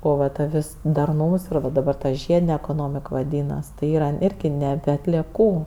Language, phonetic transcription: Lithuanian, ˈo va ˈta ˈvis darˈnūms ir va daˈbar ta ˈžiedine ekoˈnomik vaˈdynas tai ˈyra ˈirgi neˈbe atlieˈkų

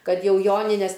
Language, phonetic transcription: Lithuanian, ˈkad ˈjau ˈjonines

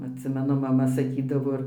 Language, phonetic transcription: Lithuanian, atˈsimenu maˈma saˈkydavo

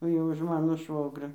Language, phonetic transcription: Lithuanian, jau už ˈmano ˈšvogrio

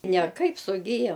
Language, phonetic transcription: Lithuanian, neˈkaip suˈgijo

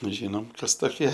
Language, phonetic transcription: Lithuanian, ˈžynom ˈkas toˈkie

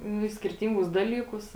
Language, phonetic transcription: Lithuanian, nu i skirˈtyngus ˈdalyˌkus

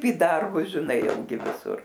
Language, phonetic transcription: Lithuanian, į ˈdarbus žiˈnai jau ˈgi viˈsur

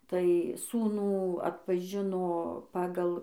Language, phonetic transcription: Lithuanian, tai ˈsūnų atpaˈžino ˈpagal

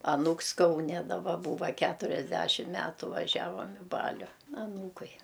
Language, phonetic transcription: Lithuanian, aˈnūks kauˈne daˈba ˈbūva ˈkæturiasˌdæšim ˈmætu vaˈžiavam i ˈbaliu aˈnūkui

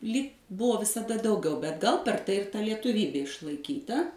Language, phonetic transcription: Lithuanian, lyg ˈbuvo visaˈda ˈdauˌgiau bet gal per ˈtai ir ˈta lietuˈvybė išlaiˈkyta

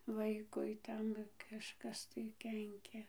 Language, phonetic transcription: Lithuanian, ˈvaikui ˈten kažˈkas tai ˈkenkia

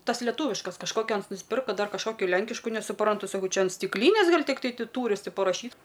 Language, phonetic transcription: Lithuanian, ˈtas leˈtūviškas kažˈkokio ˈans nusˈpirka dar kažˈkokio ˈlenkišku nesuˈprantu saˈkau ˈčia an stikˈlynės ˈgal' tikˈtai ˈti ˈtūris ˈti paraˈšyt

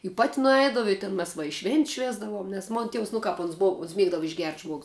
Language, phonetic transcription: Lithuanian, i pat' nuˈeidavu i tin mes va švėnt's' ˈšvėsdavom nes ˈmon ˈtievs nu ˈkap ans ˈbou ons ˈmiegdavu išgert' ˈžmuogus

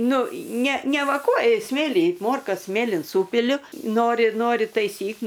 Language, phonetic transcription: Lithuanian, ˈnu ˈne neˈvakuoju ˈsmėly ˈmorkas ˈsmėlin ˈsūpiliu ˈnori ˈnori taiˈsyk

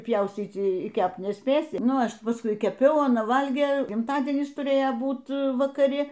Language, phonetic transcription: Lithuanian, ˈpjauscyc y ˈkept nesˈpėsi ˈnu ˈaš pasˈkui keˈpiau aˈna ˈvalgė gimtaˈdienis tuˈrėjo ˈbūt vakaˈri

